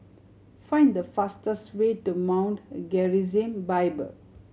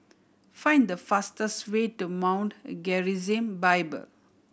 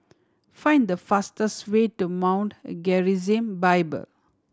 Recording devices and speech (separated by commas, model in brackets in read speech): mobile phone (Samsung C7100), boundary microphone (BM630), standing microphone (AKG C214), read sentence